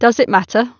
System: none